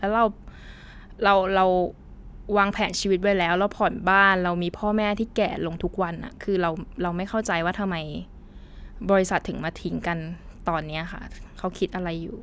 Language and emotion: Thai, frustrated